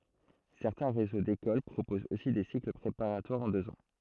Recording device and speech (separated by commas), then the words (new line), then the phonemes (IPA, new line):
throat microphone, read sentence
Certains réseaux d'écoles proposent aussi des cycles préparatoires en deux ans.
sɛʁtɛ̃ ʁezo dekol pʁopozt osi de sikl pʁepaʁatwaʁz ɑ̃ døz ɑ̃